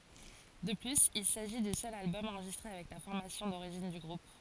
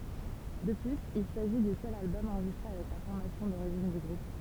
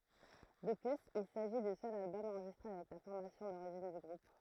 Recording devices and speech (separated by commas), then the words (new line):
forehead accelerometer, temple vibration pickup, throat microphone, read sentence
De plus, il s'agit du seul album enregistré avec la formation d'origine du groupe.